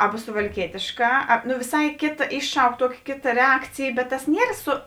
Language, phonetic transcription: Lithuanian, ˈaba suvalˈkietėšˌkā a nu viˈsai ˈkėta ˈišˌšauk ˈtuoki ˈkėta ˈreakcėj bet tas ˈnier ˈsu

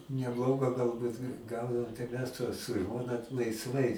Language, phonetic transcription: Lithuanian, neˈbloga galˈbut nu ˈgaudaom tai ˈmes tuos su ˈžmona laisˈvai

